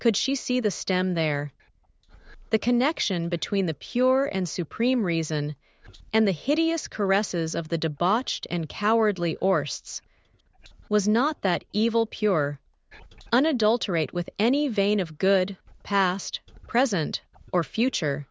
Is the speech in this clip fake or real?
fake